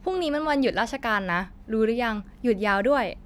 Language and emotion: Thai, neutral